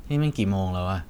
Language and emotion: Thai, neutral